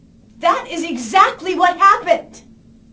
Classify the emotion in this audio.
angry